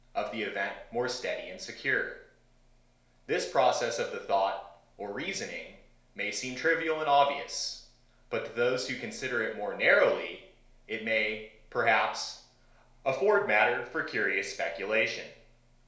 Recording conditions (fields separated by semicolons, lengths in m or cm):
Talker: one person; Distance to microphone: 1.0 m; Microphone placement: close; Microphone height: 1.1 m; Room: small (3.7 m by 2.7 m); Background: none